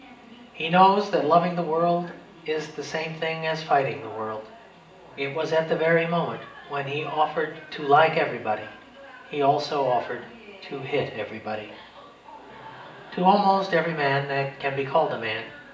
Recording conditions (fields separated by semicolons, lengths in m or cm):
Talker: one person; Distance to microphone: 1.8 m; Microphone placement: close; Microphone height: 1.0 m; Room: large; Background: television